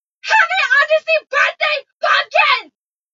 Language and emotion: English, disgusted